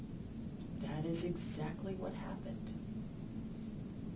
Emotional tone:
sad